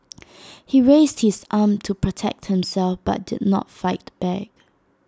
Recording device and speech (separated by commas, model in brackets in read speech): standing microphone (AKG C214), read sentence